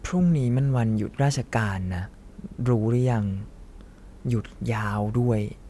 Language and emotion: Thai, frustrated